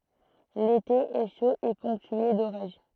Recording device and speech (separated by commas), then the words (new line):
throat microphone, read sentence
L'été est chaud et ponctué d'orages.